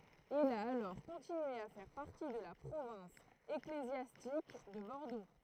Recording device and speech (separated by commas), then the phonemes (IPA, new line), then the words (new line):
throat microphone, read sentence
il a alɔʁ kɔ̃tinye a fɛʁ paʁti də la pʁovɛ̃s eklezjastik də bɔʁdo
Il a alors continué à faire partie de la province ecclésiastique de Bordeaux.